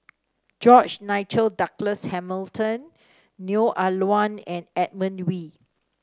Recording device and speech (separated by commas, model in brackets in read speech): standing microphone (AKG C214), read sentence